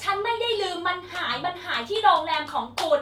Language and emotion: Thai, angry